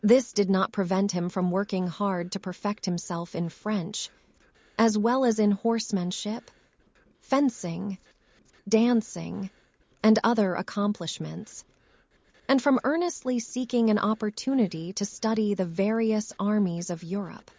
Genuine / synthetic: synthetic